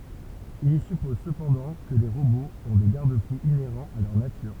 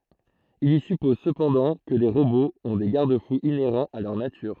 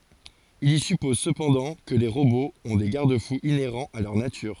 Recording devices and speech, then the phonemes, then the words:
temple vibration pickup, throat microphone, forehead accelerometer, read sentence
il i sypɔz səpɑ̃dɑ̃ kə le ʁoboz ɔ̃ de ɡaʁd fuz ineʁɑ̃z a lœʁ natyʁ
Il y suppose cependant que les robots ont des garde-fous inhérents à leur nature.

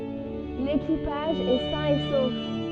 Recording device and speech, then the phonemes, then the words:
soft in-ear microphone, read sentence
lekipaʒ ɛ sɛ̃ e sof
L'équipage est sain et sauf.

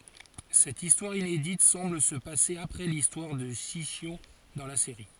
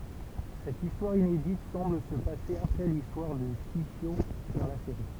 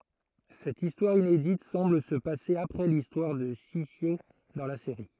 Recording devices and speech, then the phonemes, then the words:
forehead accelerometer, temple vibration pickup, throat microphone, read sentence
sɛt istwaʁ inedit sɑ̃bl sə pase apʁɛ listwaʁ də ʃiʃjo dɑ̃ la seʁi
Cette histoire inédite semble se passer après l'histoire de Shishio dans la série.

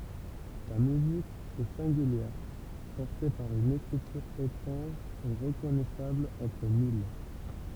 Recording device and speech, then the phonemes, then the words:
temple vibration pickup, read sentence
sa myzik ɛ sɛ̃ɡyljɛʁ pɔʁte paʁ yn ekʁityʁ etʁɑ̃ʒ e ʁəkɔnɛsabl ɑ̃tʁ mil
Sa musique est singulière, portée par une écriture étrange et reconnaissable entre mille.

